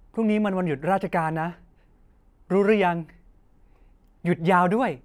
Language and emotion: Thai, happy